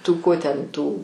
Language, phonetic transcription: Lithuanian, ˈtų ˈko ten ˈtų

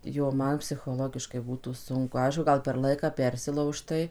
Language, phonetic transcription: Lithuanian, ˈjo ˈman psichoˈlogiškai ˈbūtų ˈsunku ˈaišku ˈgal per ˈlaiką ˈpersilaužtai

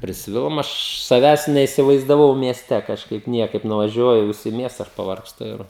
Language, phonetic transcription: Lithuanian, prisˈvilom ˈaš saˈvęs neisivaizdaˈvau mieˈste kažˈkaip ˈniekaip nuvaˈžiuoju ˈvis i ˈmiesta ˈaš pavargsˈtu ir

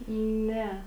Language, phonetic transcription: Lithuanian, ˈne

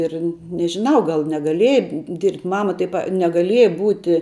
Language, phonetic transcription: Lithuanian, ˈir nežiˈnau gal negaˈlieja dirbt' ˈmama tai pa negaˈlieja ˈbūti

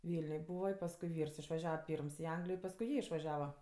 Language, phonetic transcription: Lithuanian, ˈvylniuj ˈbūva i pasˈkui ˈvyrs išvaˈžiava ˈpyrms i ˈanglijo i pasˈkui ˈjie išvaˈžiava

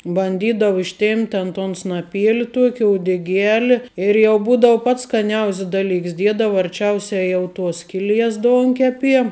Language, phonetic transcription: Lithuanian, banˈdydavu išˈtėmpt' ten ton snaˈpieli ˈtuoki uodeˈgiali ir jau ˈbūdau pats skaˈniaus's ˈdaˌliks ˈdiedava arˈčiausia ˈjau ˈtuos ˈskiˌlies ˈdonkepie

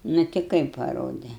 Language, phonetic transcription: Lithuanian, nu ti ˈkaip paˈrode

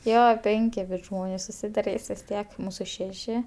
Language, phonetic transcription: Lithuanian, ˈjo ˈpenki bus ˈžmonės susidaˈrys vis ˈtiek ˈmūsu ˈšeši

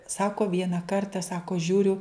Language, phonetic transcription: Lithuanian, ˈsako ˈviena ˈkarta ˈsako ˈžiūriu

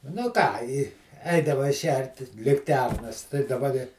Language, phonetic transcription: Lithuanian, nu ˈką i ˈeidavai ˈšertis likˈternas tai daˈba di

